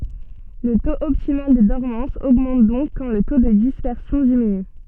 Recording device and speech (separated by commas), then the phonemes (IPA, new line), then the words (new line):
soft in-ear microphone, read sentence
lə toz ɔptimal də dɔʁmɑ̃s oɡmɑ̃t dɔ̃k kɑ̃ lə to də dispɛʁsjɔ̃ diminy
Le taux optimal de dormance augmente donc quand le taux de dispersion diminue.